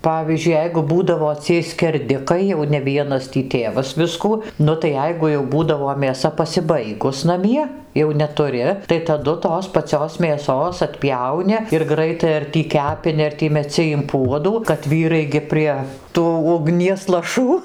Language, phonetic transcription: Lithuanian, ˈpavyzdžiui ˈjeigu ˈbūdavo ciej skerˈdikai jau ne ˈvienas tį ˈtėvas ˈviskų ˈnu tai ˈjeigu jau ˈbūdavo mėˈsa pasiˈbaigus naˈmie jau netuˈri tai taˈdu ˈtos paˈcios mėˈsos atˈpjauni ir graiˈtai ar tį ˈkepini ar ˈtį meˈci im puodų kad ˈvyrai gi ˈprie ˈtų ugˈnies laˈšų

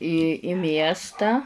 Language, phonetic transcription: Lithuanian, į i ˈmiestą

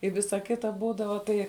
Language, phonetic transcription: Lithuanian, i ˈvisa ˈkita ˈbūdava ˈtai

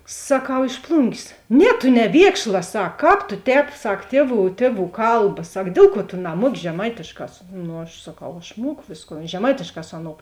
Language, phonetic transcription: Lithuanian, saˈkau iš ˈplungės ˈne tu neˈviekšla ˈsak ˈkāp tu ˈtēp ˈsak ˈtieˌvų ˈtieˌvų ˈkalba ˈsak ˈdėl ˌkuo tu naˈmuoki žeˈmaitėšˌkā ˈnu aš saˈkau aš ˈmuoku ˈvėsˌkon žeˈmaitėšˌkā ˈsu aˌnou

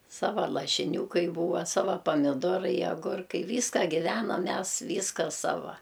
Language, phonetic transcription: Lithuanian, ˈsava lašiˈnių ˈkai ˈbūva ˈsava pamiˈdorai aˈgurkai ˈvyska giˈvenam ˈmes ˈvyska ˈsava

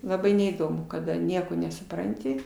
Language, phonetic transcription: Lithuanian, laˈbai neįˈdomu kaˈda ˈnieko nesuˈpranti

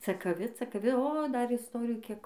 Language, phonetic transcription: Lithuanian, cakaˈvi cakaˈvi o ˈdar isˈtorijų ˈkiek

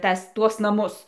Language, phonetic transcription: Lithuanian, ˈtas ˈtuos naˈmus

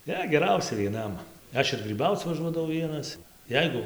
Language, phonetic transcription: Lithuanian, ˈne geˈrausia vieˈnam ˈaš ir gryˈbauc vaˈžuodavau ˈvienas ˈjeigu

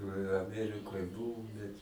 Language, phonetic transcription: Lithuanian, i aˈmerikoj ˈbuvum bet

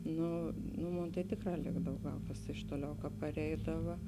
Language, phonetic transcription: Lithuanian, ˈnu nu ˈmon tai ˈtėkˌrā ˈlėkdav ˈgal kas iš ˈtoˌliau ka paˈreidava

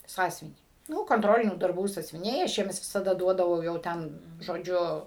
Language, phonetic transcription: Lithuanian, ˈsąsiuvinį ˈnu konˈtrolinių darˈbų sąsiuviˈniai aš ˈjiems visaˈda ˈduodavau jau ˈten žoˈdžiu

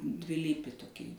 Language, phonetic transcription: Lithuanian, dviˈlypi toˈkį

